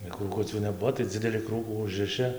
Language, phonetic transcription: Lithuanian, ir krūˈkucių neˈbuo tai ˈdzideli ˈkrūkų ˈužrɨšɨ

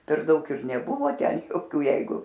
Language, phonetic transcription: Lithuanian, per ˈdaug ir neˈbuvo ˈten joˈkių ˈjeigu

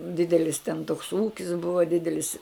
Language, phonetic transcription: Lithuanian, ˈdidelis ten toks ˈūkis ˈbuva ˈdidelis

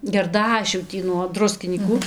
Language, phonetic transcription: Lithuanian, gerˈdašių ˈtį nuo ˈdruskinyku

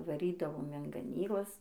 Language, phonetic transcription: Lithuanian, vaˈrydavom in gaˈnyklas

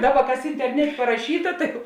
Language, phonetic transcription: Lithuanian, ˈdaˌba ˈkas interˈnetė paraˈšyta ˈtai jau

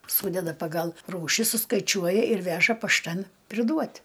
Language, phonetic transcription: Lithuanian, ˈsūdeda paˈgal ˈrūši suskaiˈčiuoja ir ˈveža pašˈtan priˈduot'

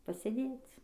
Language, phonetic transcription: Lithuanian, pasėˈdėc

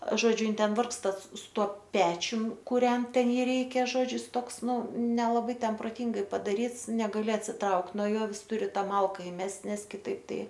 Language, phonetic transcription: Lithuanian, ˈžodžiu ˈin ˈten ˈvargsta su ˈtuo ˈpečium kuˈrent ˈten ˈjį ˈreikia ˈžodžiu jis ˈtoks ˈnu nelaˈbai ˈten proˈtingai padaˈryts negaˈli atsiˈtraukt nuo ˈjo ˈvis ˈturi ˈtą ˈmalka iˈmest' ˈnes kiˈtaip ˈtai

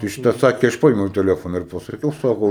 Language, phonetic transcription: Lithuanian, tai šiˈta ˈsakė ˈaš ˈpaėmiau teˈlefona ir pasaˈkiau ˈsako

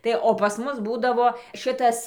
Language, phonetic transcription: Lithuanian, ˈtai o pas ˈmus ˈbūdavo ˈšɨtas

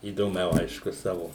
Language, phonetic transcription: Lithuanian, įdoˈmiau ˈaišku ˈsavo

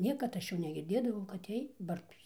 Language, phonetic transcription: Lithuanian, ˈniekad ˈaš ˈjų negirˈdėdavau kad ˈjiej ˈbartųs

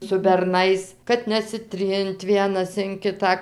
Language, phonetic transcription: Lithuanian, su berˈnais kad nesiˈtrint ˈvienas in ˈkitą

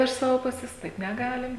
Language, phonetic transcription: Lithuanian, iš ˈsavo ˈpuses ˈtaip neˈgalim

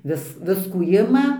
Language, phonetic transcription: Lithuanian, ˈvis ˈviskų ˈima

